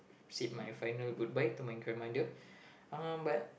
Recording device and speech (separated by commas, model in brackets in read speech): boundary microphone, conversation in the same room